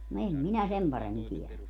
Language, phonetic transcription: Finnish, no 'em minä "sem paremmin 'tielä .
- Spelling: no en minä sen paremmin tiedä

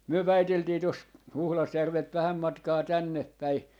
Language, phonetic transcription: Finnish, 'myö "väiteltii tos , 'Huhlasjärvelt 'vähäm 'matkaa 'tänneppäi ,.
- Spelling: me väiteltiin tuossa Huhdasjärveltä vähän matkaa tännepäin

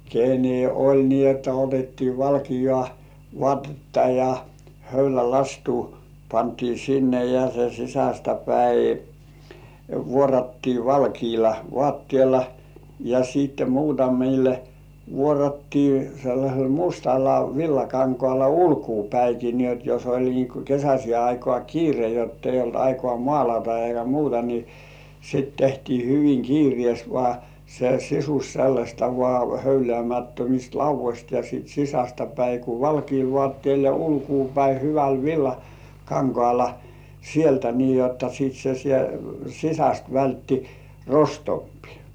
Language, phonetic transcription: Finnish, kenne oĺ nii otta otettii 'valkijŏ§à ''vŏ§àtetta ja , 'höylä"lastuu pantii 'sinne ja se 'sisästä päi , "vuorattii 'valkiila "vŏàttièlᴀ , ja siitte muutamille , 'vuorattii sellaśel "mustalla 'villakaŋkoàla "ulkuupäiki ni ‿ot jos ‿oĺ nii ku 'kesäśi§è aikŏà "kiire jott ‿eij̆§j ‿olt 'aikŏà "mŏ§àlata eikä 'muuta ni , sit tehtii 'hyviŋ "kiirĭ§èst vŏá , se "sisus sellasta vŏà§ 'höylĕä̀§mättömist "lauv̆voś§t ja sìt 'sisästä päi ku "valkiil "vŏàttĭèl ja 'ulkuupäi hyväl 'villa"kaŋkŏàla , 'sieltä nii jotta sit se sie- , 'sisäst vältti "rostompkɪ .
- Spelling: kenen oli niin jotta otettiin valkeaa vaatetta ja höylälastua pantiin sinne ja se sisästä päin vuorattiin valkealla vaatteella ja sitten muutamille vuorattiin sellaisella mustalla villakankaalla ulkoapäinkin niin jotta jos oli niin kuin kesäiseen aikaan kiire jotta ei ollut aikaa maalata eikä muuta niin sitten tehtiin hyvin kiireesti vain se sisus sellaista vain höyläämättömistä laudoista ja sitten sisästä päin kun valkealla vaatteella ja ulkopäin hyvällä villakankaalla sieltä niin jotta sitten se - sisästä vältti rostompikin

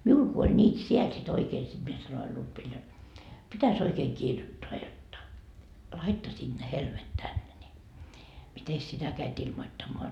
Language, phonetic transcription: Finnish, 'miul ku oĺ ńiit "siel si't ‿oikee sit mie sanoil 'Lutvil jot , 'pitäs ‿oikeeŋ "kirjottoa jotta , "laittasiiD ne 'helmet tänne ni , 'mites sitä käit 'ilmottammoa .
- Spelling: minulla kun oli niitä siellä sitten oikein sitten minä sanoin Lutville jotta pitäisi oikein kirjoittaa jotta laittaisivat ne helmet tänne niin mitenkäs sitä kävit ilmoittamaan

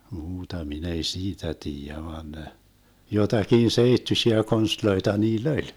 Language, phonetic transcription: Finnish, 'muuta 'min ‿ei "siitä 'tiijä vaan ne , 'jotakin 'seittyšiä 'konstloita 'niil"l ‿oĺ .
- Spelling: muuta minä ei siitä tiedä vaan ne jotakin seittyisiä konsteja niillä oli

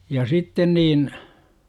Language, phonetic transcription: Finnish, ja "sitten niin , .
- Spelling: ja sitten niin

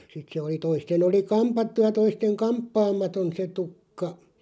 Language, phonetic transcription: Finnish, 'sit se oli 'toisten ‿oli "kampattu ja 'toisteŋ "kamppaamaton se 'tukka .
- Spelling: sitten se oli toisten oli kammattu ja toisten kampaamaton se tukka

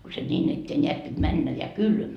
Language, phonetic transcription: Finnish, ko se ńiin ‿ettee 'ńeät pit 'männä ja "kylmä .
- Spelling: kun se niin eteen näet piti mennä ja kylmä

